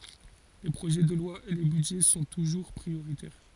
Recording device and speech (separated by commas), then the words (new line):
forehead accelerometer, read sentence
Les projets de loi et les budgets sont toujours prioritaires.